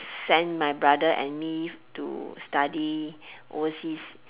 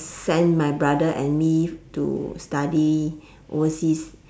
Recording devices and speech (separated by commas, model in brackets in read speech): telephone, standing microphone, conversation in separate rooms